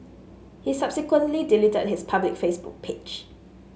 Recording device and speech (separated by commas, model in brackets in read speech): mobile phone (Samsung S8), read sentence